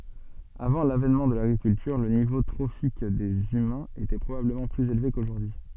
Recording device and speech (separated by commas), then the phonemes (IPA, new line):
soft in-ear microphone, read sentence
avɑ̃ lavɛnmɑ̃ də laɡʁikyltyʁ lə nivo tʁofik dez ymɛ̃z etɛ pʁobabləmɑ̃ plyz elve koʒuʁdyi